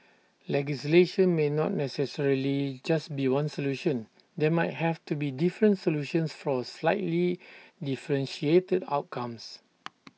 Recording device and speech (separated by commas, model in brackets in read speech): mobile phone (iPhone 6), read sentence